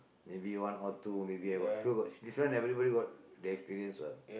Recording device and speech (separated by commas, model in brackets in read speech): boundary microphone, conversation in the same room